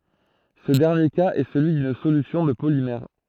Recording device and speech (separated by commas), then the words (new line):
throat microphone, read sentence
Ce dernier cas est celui d'une solution de polymère.